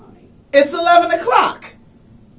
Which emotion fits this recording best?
happy